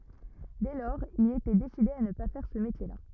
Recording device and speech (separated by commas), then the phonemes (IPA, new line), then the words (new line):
rigid in-ear microphone, read sentence
dɛ lɔʁz il etɛ deside a nə pa fɛʁ sə metjɛʁla
Dès lors, il était décidé à ne pas faire ce métier-là.